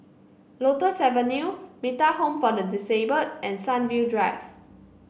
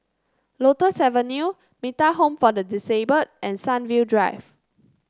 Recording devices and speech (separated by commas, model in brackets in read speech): boundary microphone (BM630), close-talking microphone (WH30), read sentence